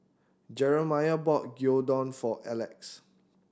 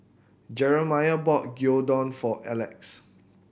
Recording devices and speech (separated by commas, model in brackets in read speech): standing microphone (AKG C214), boundary microphone (BM630), read sentence